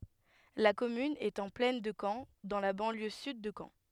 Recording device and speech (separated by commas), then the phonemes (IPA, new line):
headset microphone, read sentence
la kɔmyn ɛt ɑ̃ plɛn də kɑ̃ dɑ̃ la bɑ̃ljø syd də kɑ̃